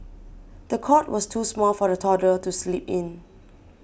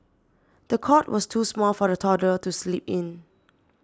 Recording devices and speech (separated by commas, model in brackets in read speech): boundary microphone (BM630), standing microphone (AKG C214), read sentence